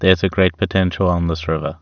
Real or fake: real